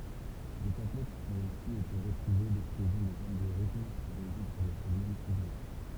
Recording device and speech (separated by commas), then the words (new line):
temple vibration pickup, read sentence
Des tablettes ont aussi été retrouvées décrivant des algorithmes pour résoudre des problèmes complexes.